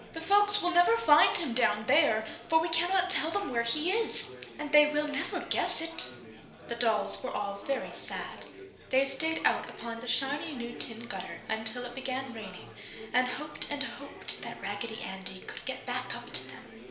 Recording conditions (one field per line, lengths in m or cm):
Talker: one person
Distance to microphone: 1.0 m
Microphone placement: close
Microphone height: 1.1 m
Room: small (3.7 m by 2.7 m)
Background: babble